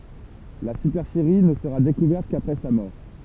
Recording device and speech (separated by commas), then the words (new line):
temple vibration pickup, read sentence
La supercherie ne sera découverte qu'après sa mort.